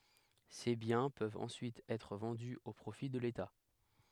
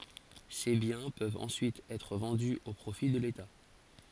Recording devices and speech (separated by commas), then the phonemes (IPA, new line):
headset microphone, forehead accelerometer, read sentence
se bjɛ̃ pøvt ɑ̃syit ɛtʁ vɑ̃dy o pʁofi də leta